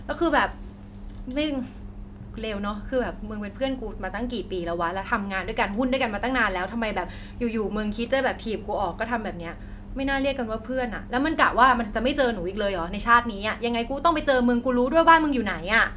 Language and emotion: Thai, frustrated